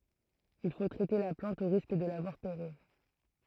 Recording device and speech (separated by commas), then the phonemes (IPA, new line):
throat microphone, read sentence
il fo tʁɛte la plɑ̃t o ʁisk də la vwaʁ peʁiʁ